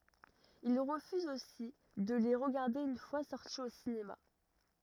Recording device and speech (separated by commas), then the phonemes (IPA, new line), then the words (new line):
rigid in-ear microphone, read sentence
il ʁəfyz osi də le ʁəɡaʁde yn fwa sɔʁti o sinema
Il refuse aussi de les regarder une fois sortis au cinéma.